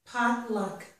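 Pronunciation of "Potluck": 'Potluck' is said with stress on both syllables.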